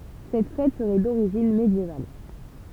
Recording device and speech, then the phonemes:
temple vibration pickup, read sentence
sɛt fɛt səʁɛ doʁiʒin medjeval

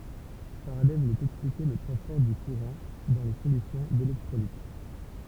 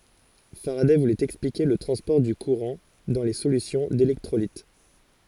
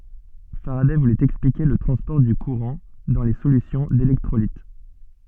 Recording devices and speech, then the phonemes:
temple vibration pickup, forehead accelerometer, soft in-ear microphone, read sentence
faʁadɛ vulɛt ɛksplike lə tʁɑ̃spɔʁ dy kuʁɑ̃ dɑ̃ le solysjɔ̃ delɛktʁolit

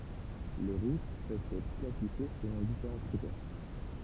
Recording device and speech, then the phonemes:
temple vibration pickup, read sentence
le ʁut pøvt ɛtʁ klasifje səlɔ̃ difeʁɑ̃ kʁitɛʁ

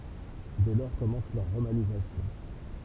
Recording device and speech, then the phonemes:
temple vibration pickup, read sentence
dɛ lɔʁ kɔmɑ̃s lœʁ ʁomanizasjɔ̃

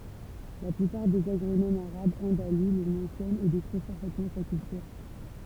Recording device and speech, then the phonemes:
temple vibration pickup, read sentence
la plypaʁ dez aɡʁonomz aʁabz ɑ̃dalu lə mɑ̃sjɔnt e dekʁiv paʁfɛtmɑ̃ sa kyltyʁ

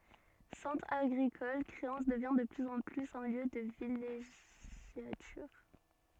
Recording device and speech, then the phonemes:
soft in-ear microphone, read sentence
sɑ̃tʁ aɡʁikɔl kʁeɑ̃s dəvjɛ̃ də plyz ɑ̃ plyz œ̃ ljø də vileʒjatyʁ

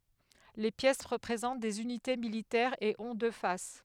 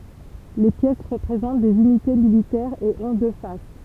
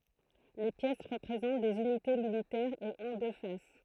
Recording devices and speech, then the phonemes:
headset microphone, temple vibration pickup, throat microphone, read sentence
le pjɛs ʁəpʁezɑ̃t dez ynite militɛʁz e ɔ̃ dø fas

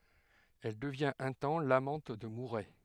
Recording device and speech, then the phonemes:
headset microphone, read sentence
ɛl dəvjɛ̃t œ̃ tɑ̃ lamɑ̃t də muʁɛ

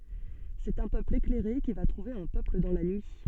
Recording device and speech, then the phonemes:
soft in-ear microphone, read sentence
sɛt œ̃ pøpl eklɛʁe ki va tʁuve œ̃ pøpl dɑ̃ la nyi

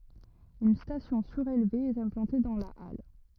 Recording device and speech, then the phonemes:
rigid in-ear microphone, read sentence
yn stasjɔ̃ syʁelve ɛt ɛ̃plɑ̃te dɑ̃ la al

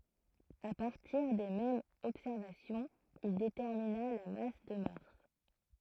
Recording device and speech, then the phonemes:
throat microphone, read sentence
a paʁtiʁ de mɛmz ɔbsɛʁvasjɔ̃z il detɛʁmina la mas də maʁs

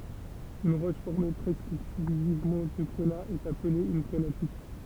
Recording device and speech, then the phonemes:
temple vibration pickup, read sentence
yn ʁɔʃ fɔʁme pʁɛskə ɛksklyzivmɑ̃ də ɡʁəna ɛt aple yn ɡʁənatit

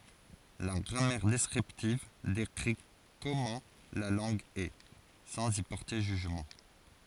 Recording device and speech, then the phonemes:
forehead accelerometer, read sentence
la ɡʁamɛʁ dɛskʁiptiv dekʁi kɔmɑ̃ la lɑ̃ɡ ɛ sɑ̃z i pɔʁte ʒyʒmɑ̃

